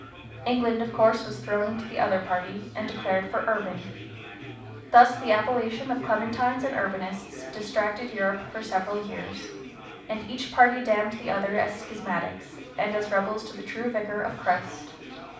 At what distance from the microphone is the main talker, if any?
5.8 m.